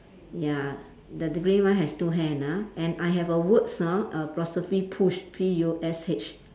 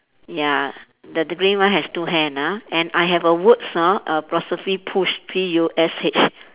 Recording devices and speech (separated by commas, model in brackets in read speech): standing microphone, telephone, conversation in separate rooms